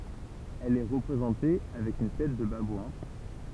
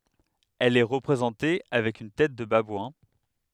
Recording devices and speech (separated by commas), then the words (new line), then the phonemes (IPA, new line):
temple vibration pickup, headset microphone, read sentence
Elle est représentée avec une tête de babouin.
ɛl ɛ ʁəpʁezɑ̃te avɛk yn tɛt də babwɛ̃